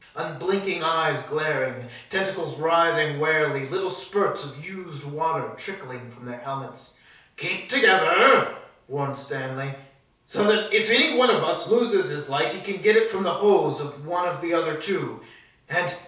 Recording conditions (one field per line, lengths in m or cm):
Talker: one person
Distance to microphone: 3.0 m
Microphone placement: far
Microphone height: 1.8 m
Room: small (3.7 m by 2.7 m)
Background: none